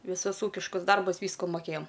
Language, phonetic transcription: Lithuanian, viˈsus ˈūkiškus ˈdarbus ˈvysku moˈkėjam

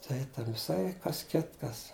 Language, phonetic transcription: Lithuanian, ˈtai ˈten viˈsai ˈkas ˈkitkas

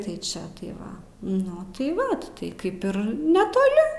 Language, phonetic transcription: Lithuanian, ˈtai ˈčia tai ˈva ˈnu tai ˈva tai ˈkaip ir netoˈli

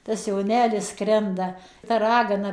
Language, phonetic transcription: Lithuanian, tas joˈnelis ˈskrenda ta ˈragana

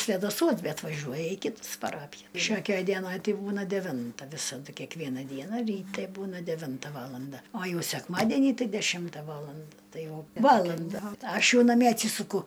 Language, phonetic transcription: Lithuanian, svedaˈsuos ˈbet vaˈžiuoja į ˈkitas paˈrapija ˈšiokiaj ˈdienaj ˈti ˈbūna deˈvinta ˈvisadu kekˈviena ˈdiena ryˈte ˈbūna deˈvinta ˈvalanda o ˈjau sekˈmadenį ˈtai deˈšimta ˈvaland ˈtai ˈjau ˈvalanda ˈaš ˈjau naˈmie atˈsysuku

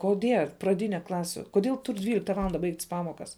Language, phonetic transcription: Lithuanian, koˈdie praˈdyne ˈklasių koˈdėl tūr' ˈdvylikta ˈvalanda ˈbaigt's' ˈpamokas

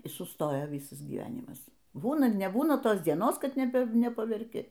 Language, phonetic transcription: Lithuanian, y suˈstojo ˈvysas gyˈvenimas ˈbūna neˈbūna ˈtos dieˈnos ˈkad neˈpa nepaverˈki

